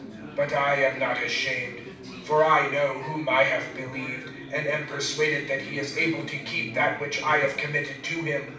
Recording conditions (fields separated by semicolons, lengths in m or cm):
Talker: one person; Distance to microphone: 5.8 m; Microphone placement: far; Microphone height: 1.8 m; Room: medium-sized (5.7 m by 4.0 m); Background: babble